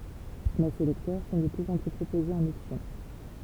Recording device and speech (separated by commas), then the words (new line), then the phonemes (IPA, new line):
temple vibration pickup, read sentence
Mais ces lecteurs sont de plus en plus proposés en option.
mɛ se lɛktœʁ sɔ̃ də plyz ɑ̃ ply pʁopozez ɑ̃n ɔpsjɔ̃